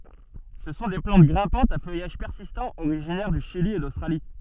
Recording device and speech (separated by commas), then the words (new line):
soft in-ear microphone, read sentence
Ce sont des plantes grimpantes à feuillage persistant originaires du Chili et d'Australie.